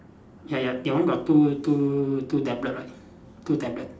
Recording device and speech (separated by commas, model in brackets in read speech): standing microphone, conversation in separate rooms